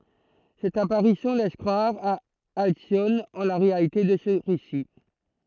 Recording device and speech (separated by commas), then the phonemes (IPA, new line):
throat microphone, read sentence
sɛt apaʁisjɔ̃ lɛs kʁwaʁ a alsjɔn ɑ̃ la ʁealite də sə ʁesi